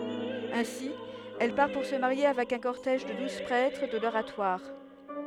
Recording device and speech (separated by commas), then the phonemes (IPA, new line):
headset microphone, read sentence
ɛ̃si ɛl paʁ puʁ sə maʁje avɛk œ̃ kɔʁtɛʒ də duz pʁɛtʁ də loʁatwaʁ